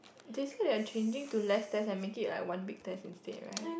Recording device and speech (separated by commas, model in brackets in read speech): boundary microphone, conversation in the same room